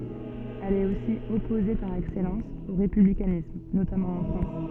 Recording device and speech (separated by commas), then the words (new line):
soft in-ear microphone, read sentence
Elle est aussi opposée par excellence au républicanisme, notamment en France.